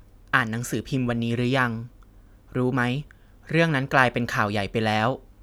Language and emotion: Thai, neutral